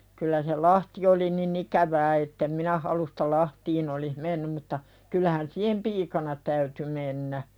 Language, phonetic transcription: Finnish, kyllä se "lahti oli ni'n ‿ikävää ettem 'minä halusta 'lahtiin ‿olih "mennym mutta , 'kyllähän siihem "piikana täyty mennä .
- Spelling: kyllä se lahti oli niin ikävää että en minä halusta lahtiin olisi mennyt mutta kyllähän siihen piikana täytyi mennä

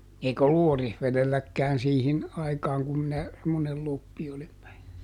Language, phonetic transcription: Finnish, ˈeik ‿ollu "Orihveδelläkkään ˈsiihin ˈaikaaŋ kum minä , semmonel ˈloppi oli .
- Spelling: eikä ollut Orivedelläkään siihen aikaan kun minä semmoinen kloppi olin

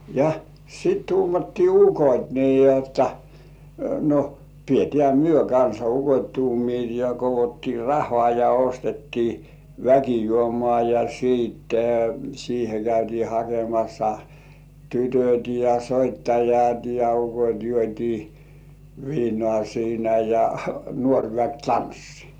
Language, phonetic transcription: Finnish, ja , 'sit tuumattii "ukot́ nii jotta , no , pietĕä̀ 'myö kansa "ukot́ 'tuumiit ja 'kovottii "rah̀ŏà ja 'ostettii , "väkijuomŏà ja 'siitte , siihe käytii 'hakemassa , "tytöt̜ ja "soittajat ja "ukot́ juot́ii , 'viinŏà siinä ja , 'nuoŕ väk "tanssɪ .
- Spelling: ja sitten tuumattiin ukot niin jotta no pidetään me kanssa ukot tuumivat ja koottiin rahaa ja ostettiin väkijuomaa ja sitten siihen käytiin hakemassa tytöt ja soittajat ja ukot juotiin viinaa siinä ja nuori väki tanssi

